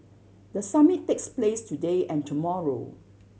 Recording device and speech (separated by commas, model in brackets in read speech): mobile phone (Samsung C7100), read sentence